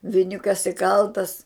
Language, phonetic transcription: Lithuanian, viˈniukas iˈkaltas

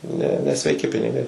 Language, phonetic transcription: Lithuanian, ne nesveiˈki piniˈgai

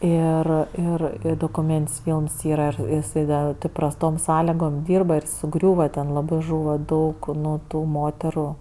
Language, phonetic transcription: Lithuanian, ˈir ˈir dokuˈmėntin's' ˈfylms ˈyra jiˈsai da tɜ prasˈtom ˈsąligom ˈdyrba ir suˈgriūva ten laˈbɜ ˈžūva ˈdaug ˈnu ˈtų ˈmoteru

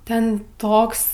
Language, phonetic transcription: Lithuanian, ˈten ˈtoks

